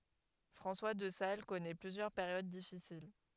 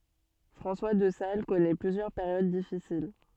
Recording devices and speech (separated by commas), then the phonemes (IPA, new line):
headset microphone, soft in-ear microphone, read sentence
fʁɑ̃swa də sal kɔnɛ plyzjœʁ peʁjod difisil